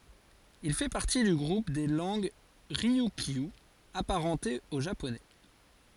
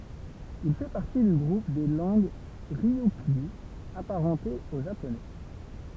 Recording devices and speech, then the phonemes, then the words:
forehead accelerometer, temple vibration pickup, read sentence
il fɛ paʁti dy ɡʁup de lɑ̃ɡ ʁiykjy apaʁɑ̃tez o ʒaponɛ
Il fait partie du groupe des langues ryukyu, apparentées au japonais.

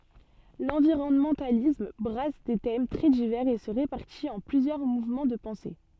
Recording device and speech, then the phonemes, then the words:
soft in-ear microphone, read sentence
lɑ̃viʁɔnmɑ̃talism bʁas de tɛm tʁɛ divɛʁz e sə ʁepaʁtit ɑ̃ plyzjœʁ muvmɑ̃ də pɑ̃se
L'environnementalisme brasse des thèmes très divers et se répartit en plusieurs mouvements de pensée.

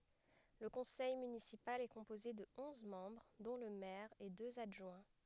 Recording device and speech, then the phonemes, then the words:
headset microphone, read sentence
lə kɔ̃sɛj mynisipal ɛ kɔ̃poze də ɔ̃z mɑ̃bʁ dɔ̃ lə mɛʁ e døz adʒwɛ̃
Le conseil municipal est composé de onze membres dont le maire et deux adjoints.

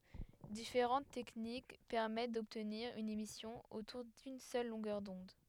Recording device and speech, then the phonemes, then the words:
headset microphone, read sentence
difeʁɑ̃t tɛknik pɛʁmɛt dɔbtniʁ yn emisjɔ̃ otuʁ dyn sœl lɔ̃ɡœʁ dɔ̃d
Différentes techniques permettent d'obtenir une émission autour d'une seule longueur d'onde.

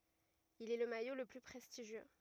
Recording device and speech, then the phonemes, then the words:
rigid in-ear microphone, read sentence
il ɛ lə majo lə ply pʁɛstiʒjø
Il est le maillot le plus prestigieux.

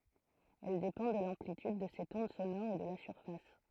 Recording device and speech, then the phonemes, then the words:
throat microphone, read sentence
ɛl depɑ̃ də lɑ̃plityd də sɛt ɔ̃d sonɔʁ e də la syʁfas
Elle dépend de l'amplitude de cette onde sonore et de la surface.

